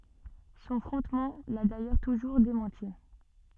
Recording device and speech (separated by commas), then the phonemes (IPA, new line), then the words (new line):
soft in-ear microphone, read sentence
sɔ̃ fʁɔ̃tman la dajœʁ tuʒuʁ demɑ̃ti
Son frontman l'a d'ailleurs toujours démenti.